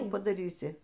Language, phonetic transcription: Lithuanian, ˈkų padaˈrysi

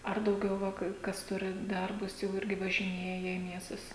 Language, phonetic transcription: Lithuanian, ˈar dauˈgiau ˈva ˈkai ˈkas ˈturi ˈdarbus jau ˈirgi važiˈnėja į ˈmiestus

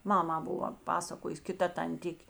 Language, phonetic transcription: Lithuanian, ˈmamā ˈbuva ˈpasakojus kiˈta tanˈtik'

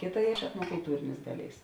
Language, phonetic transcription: Lithuanian, ˈkėˌta etnokulˈtūrėnės ˈdaˌlėis

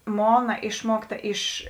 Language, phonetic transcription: Lithuanian, ˈmona ˈišmuokˌta iš

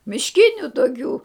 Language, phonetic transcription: Lithuanian, mišˈkiniu toˈkių

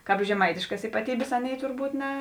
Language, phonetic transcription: Lithuanian, ˈkāp žeˈmaitiškas ypaˈtybės ˈaˌnėi turˈbūt ne

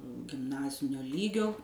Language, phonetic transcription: Lithuanian, gimˈnazinio ˈlygio

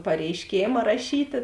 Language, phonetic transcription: Lithuanian, pareiˈškėma raˈšytė

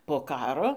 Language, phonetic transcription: Lithuanian, po ˈkaro

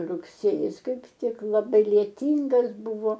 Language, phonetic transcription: Lithuanian, rugˈsėjis ˈkaip ˈtik laˈbai lieˈtyngas ˈbuvo

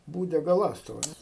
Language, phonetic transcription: Lithuanian, ˈbūde gaˈląstuvas

